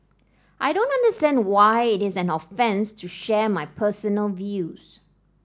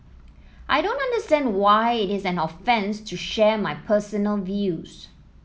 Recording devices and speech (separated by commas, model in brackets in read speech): standing microphone (AKG C214), mobile phone (iPhone 7), read sentence